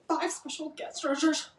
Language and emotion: English, fearful